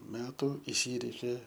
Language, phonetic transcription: Lithuanian, ˈmetu iˈsyreikė

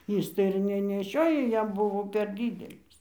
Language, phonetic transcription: Lithuanian, ˈys tai ir neneˈšiojo ˈjam ˈbuvo per ˈdydelis

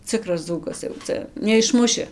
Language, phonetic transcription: Lithuanian, ˈcikras ˈdzūkas jau ˈcia neišˈmuši

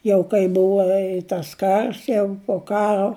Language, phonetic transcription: Lithuanian, ˈjau kai ˈbuva i tas ˈkars jau pu ˈkaro

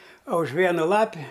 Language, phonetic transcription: Lithuanian, o už ˈvienu ˈlapi

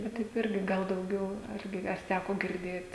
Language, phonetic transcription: Lithuanian, ˈva taip ˈirgi ˈgal dauˈgiau ˈargi ar ˈtæko girˈdėt

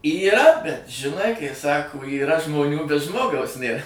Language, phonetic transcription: Lithuanian, yˈra bet žiˈnai kai ˈsako yˈra žmoˈnių bet ˈžmogaus ˈnėr

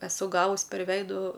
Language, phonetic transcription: Lithuanian, eˈsu ˈgavus per ˈveidu

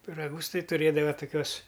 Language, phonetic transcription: Lithuanian, piraˈgus ˈtai tuˈrėdava toˈkiuos

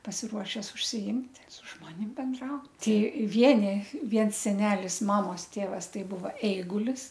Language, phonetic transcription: Lithuanian, pasiˈruošes užsiˈimt' su ˈžmonim benˈdraut ˈti ˈvieni ˈviens seˈnelis ˈmamos ˈtėvas ˈtai ˈbuva eigulis

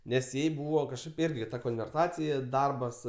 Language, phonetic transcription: Lithuanian, ˈnes ˈjai ˈbūva kažˈkaip ˈirgi ta konverˈtacija ˈdarbas

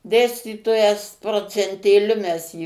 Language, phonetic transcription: Lithuanian, ˈdėstytojas procentėˈliu mes ˈjį

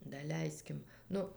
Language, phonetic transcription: Lithuanian, daˈleiskim ˈnu

